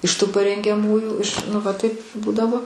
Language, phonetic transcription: Lithuanian, iš ˈtų parengiaˈmųjų iš ˈnu va ˈtaip ˈbūdavo

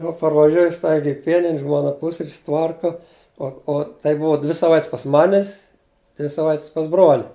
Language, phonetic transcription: Lithuanian, jau parvaˈžiuoju ˈstaigiai i ˈpienin' ˈžmona ˈpusrič's' ˈtvarka ˈo o tai ˈbuva dvi saˈvait's' pas ˈmanis dvi saˈvait's' pas ˈbroli

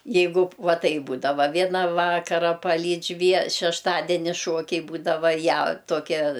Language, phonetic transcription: Lithuanian, ˈjeigu ˈva ˈtaip ˈbūdava ˈviena ˈvakara paˈlydž' vie šešˈtadeni ˈšuokiai ˈbūdava ˈją tuoˈkia

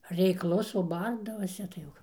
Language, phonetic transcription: Lithuanian, reikˈlus o ˈbardavase tai ˈjau

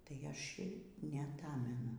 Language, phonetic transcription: Lithuanian, tai ˈaš' ir neaˈtamenu

